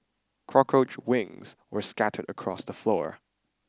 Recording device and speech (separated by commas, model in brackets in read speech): standing microphone (AKG C214), read sentence